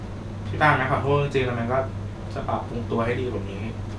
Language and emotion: Thai, sad